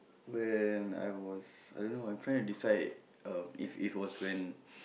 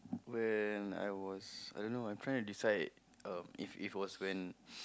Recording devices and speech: boundary microphone, close-talking microphone, conversation in the same room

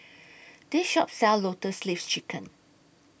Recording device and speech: boundary microphone (BM630), read sentence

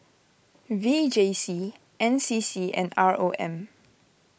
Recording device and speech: boundary microphone (BM630), read sentence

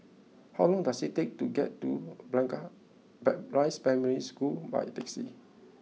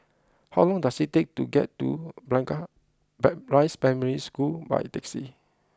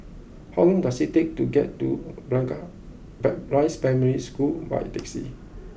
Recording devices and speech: mobile phone (iPhone 6), close-talking microphone (WH20), boundary microphone (BM630), read sentence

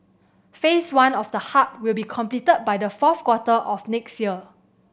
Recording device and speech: boundary microphone (BM630), read sentence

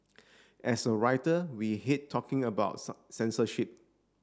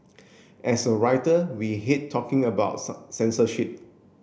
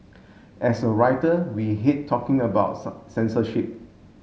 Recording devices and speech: standing microphone (AKG C214), boundary microphone (BM630), mobile phone (Samsung S8), read sentence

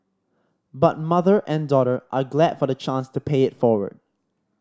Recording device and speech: standing microphone (AKG C214), read sentence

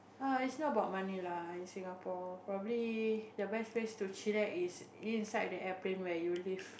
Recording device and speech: boundary microphone, conversation in the same room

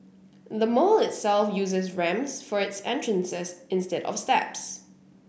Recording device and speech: boundary microphone (BM630), read sentence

